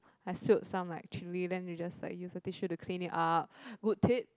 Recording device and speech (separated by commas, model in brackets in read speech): close-talking microphone, conversation in the same room